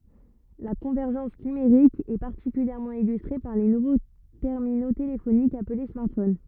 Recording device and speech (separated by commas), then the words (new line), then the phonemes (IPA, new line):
rigid in-ear microphone, read sentence
La convergence numérique est particulièrement illustrée par les nouveaux terminaux téléphoniques appelés smartphones.
la kɔ̃vɛʁʒɑ̃s nymeʁik ɛ paʁtikyljɛʁmɑ̃ ilystʁe paʁ le nuvo tɛʁmino telefonikz aple smaʁtfon